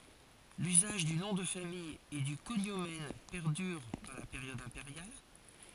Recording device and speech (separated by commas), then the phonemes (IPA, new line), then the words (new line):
forehead accelerometer, read sentence
lyzaʒ dy nɔ̃ də famij e dy koɲomɛn pɛʁdyʁ dɑ̃ la peʁjɔd ɛ̃peʁjal
L’usage du nom de famille et du cognomen perdure dans la période impériale.